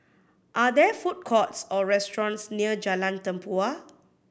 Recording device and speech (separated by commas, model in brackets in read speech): boundary microphone (BM630), read sentence